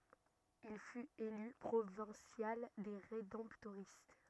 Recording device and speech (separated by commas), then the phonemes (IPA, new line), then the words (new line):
rigid in-ear microphone, read sentence
il fyt ely pʁovɛ̃sjal de ʁedɑ̃ptoʁist
Il fut élu Provincial des Rédemptoristes.